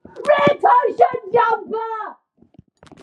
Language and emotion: English, disgusted